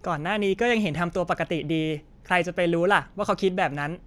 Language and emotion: Thai, neutral